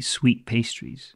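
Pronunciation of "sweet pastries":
'Sweet pastries' is said quickly, and the t in 'sweet' is dropped.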